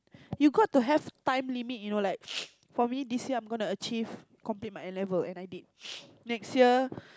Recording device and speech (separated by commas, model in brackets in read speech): close-talking microphone, conversation in the same room